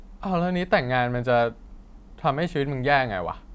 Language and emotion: Thai, neutral